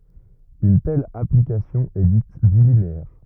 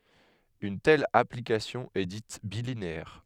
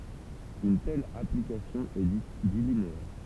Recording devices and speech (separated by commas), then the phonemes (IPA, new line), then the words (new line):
rigid in-ear microphone, headset microphone, temple vibration pickup, read sentence
yn tɛl aplikasjɔ̃ ɛ dit bilineɛʁ
Une telle application est dite bilinéaire.